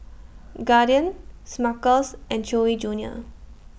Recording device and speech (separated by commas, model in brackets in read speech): boundary microphone (BM630), read sentence